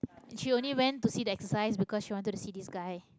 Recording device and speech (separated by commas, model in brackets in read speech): close-talking microphone, conversation in the same room